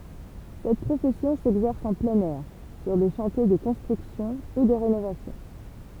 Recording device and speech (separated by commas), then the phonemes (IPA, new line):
temple vibration pickup, read sentence
sɛt pʁofɛsjɔ̃ sɛɡzɛʁs ɑ̃ plɛ̃n ɛʁ syʁ de ʃɑ̃tje də kɔ̃stʁyksjɔ̃ u də ʁenovasjɔ̃